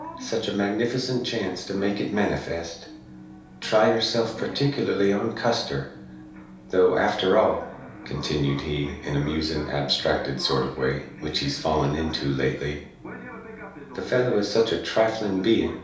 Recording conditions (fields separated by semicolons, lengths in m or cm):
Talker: one person; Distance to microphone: 3.0 m; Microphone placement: far; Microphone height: 1.8 m; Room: small (3.7 m by 2.7 m); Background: television